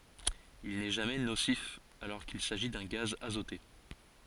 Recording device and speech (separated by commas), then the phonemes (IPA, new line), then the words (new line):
forehead accelerometer, read sentence
il nɛ ʒamɛ nosif alɔʁ kil saʒi dœ̃ ɡaz azote
Il n'est jamais nocif, alors qu'il s'agit d'un gaz azoté.